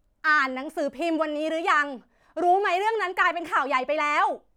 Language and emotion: Thai, angry